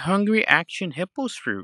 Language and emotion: English, fearful